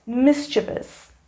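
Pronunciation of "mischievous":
'Mischievous' is pronounced correctly here.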